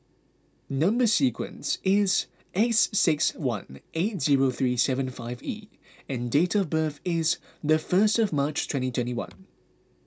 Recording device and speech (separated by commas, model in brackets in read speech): close-talking microphone (WH20), read sentence